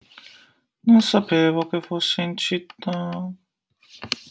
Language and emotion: Italian, sad